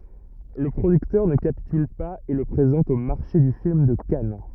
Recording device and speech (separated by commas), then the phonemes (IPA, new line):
rigid in-ear microphone, read sentence
lə pʁodyktœʁ nə kapityl paz e lə pʁezɑ̃t o maʁʃe dy film də kan